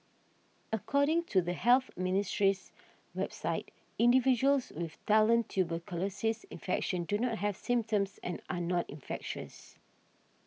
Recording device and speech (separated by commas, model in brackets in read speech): mobile phone (iPhone 6), read sentence